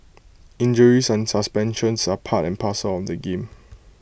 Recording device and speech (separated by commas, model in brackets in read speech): boundary microphone (BM630), read sentence